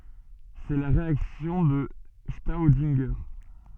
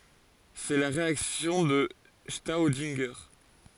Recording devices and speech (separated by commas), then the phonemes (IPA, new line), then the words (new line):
soft in-ear microphone, forehead accelerometer, read sentence
sɛ la ʁeaksjɔ̃ də stodɛ̃ʒe
C'est la réaction de Staudinger.